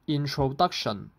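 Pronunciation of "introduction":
In 'introduction', the syllables 'intro' are in a mid tone and the last syllable 'shun' is in a low tone.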